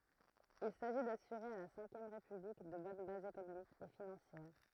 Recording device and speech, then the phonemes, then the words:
throat microphone, read sentence
il saʒi dasyʁe a la sɛ̃kjɛm ʁepyblik də bɔn bazz ekonomikz e finɑ̃sjɛʁ
Il s'agit d'assurer à la Cinquième République de bonnes bases économiques et financières.

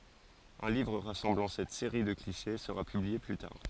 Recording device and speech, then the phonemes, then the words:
forehead accelerometer, read sentence
œ̃ livʁ ʁasɑ̃blɑ̃ sɛt seʁi də kliʃe səʁa pyblie ply taʁ
Un livre rassemblant cette série de clichés sera publié plus tard.

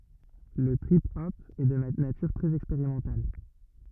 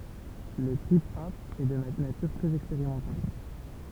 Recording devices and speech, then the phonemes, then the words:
rigid in-ear microphone, temple vibration pickup, read sentence
lə tʁip ɔp ɛ də natyʁ tʁɛz ɛkspeʁimɑ̃tal
Le trip hop est de nature très expérimentale.

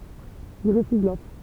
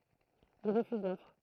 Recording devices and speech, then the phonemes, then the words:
temple vibration pickup, throat microphone, read sentence
il ʁəfyz lɔfʁ
Il refuse l'offre.

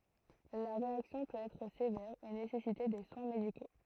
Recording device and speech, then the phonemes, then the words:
throat microphone, read sentence
la ʁeaksjɔ̃ pøt ɛtʁ sevɛʁ e nesɛsite de swɛ̃ mediko
La réaction peut être sévère et nécessiter des soins médicaux.

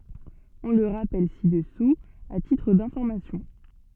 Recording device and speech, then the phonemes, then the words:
soft in-ear microphone, read sentence
ɔ̃ lə ʁapɛl si dəsu a titʁ dɛ̃fɔʁmasjɔ̃
On le rappelle ci-dessous à titre d'information.

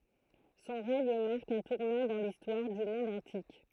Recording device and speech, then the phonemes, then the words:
throat microphone, read sentence
sɔ̃ ʁɛɲ maʁk œ̃ tuʁnɑ̃ dɑ̃ listwaʁ dy mɔ̃d ɑ̃tik
Son règne marque un tournant dans l'histoire du monde antique.

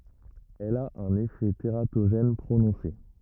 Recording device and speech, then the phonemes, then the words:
rigid in-ear microphone, read sentence
ɛl a œ̃n efɛ teʁatoʒɛn pʁonɔ̃se
Elle a un effet tératogène prononcé.

